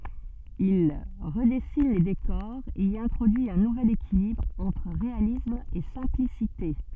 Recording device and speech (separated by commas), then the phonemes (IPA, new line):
soft in-ear microphone, read sentence
il ʁədɛsin le dekɔʁz e i ɛ̃tʁodyi œ̃ nuvɛl ekilibʁ ɑ̃tʁ ʁealism e sɛ̃plisite